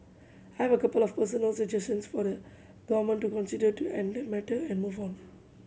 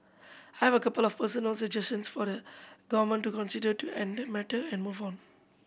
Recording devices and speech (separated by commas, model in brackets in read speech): mobile phone (Samsung C7100), boundary microphone (BM630), read sentence